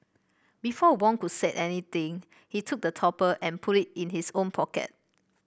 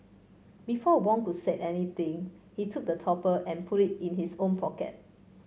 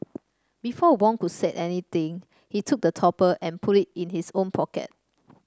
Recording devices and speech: boundary microphone (BM630), mobile phone (Samsung C5), standing microphone (AKG C214), read sentence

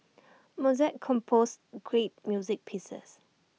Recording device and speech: mobile phone (iPhone 6), read sentence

